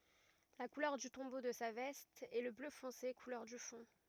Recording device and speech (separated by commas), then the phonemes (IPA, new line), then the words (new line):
rigid in-ear microphone, read sentence
la kulœʁ dy tɔ̃bo də sa vɛst ɛ lə blø fɔ̃se kulœʁ dy fɔ̃
La couleur du tombeau de sa veste est le bleu foncé, couleur du fond.